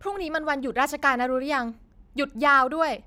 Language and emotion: Thai, neutral